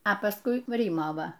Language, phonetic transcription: Lithuanian, a pasˈkui ˈryma ˈva

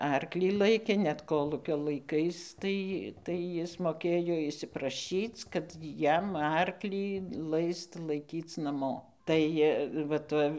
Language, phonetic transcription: Lithuanian, ˈarklį ˈlaikė net ˈkolūkio laiˈkais ˈtai tai ˈjis moˈkėjo išsipraˈšyc kad ˈjam ˈarklį ˈlaist laiˈkyc naˈmo ˈtai va ˈta

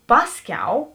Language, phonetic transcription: Lithuanian, ˈpasˌkiau

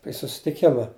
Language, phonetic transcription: Lithuanian, i susitiˈkima

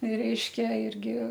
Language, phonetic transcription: Lithuanian, ˈreiškia ˈirgi

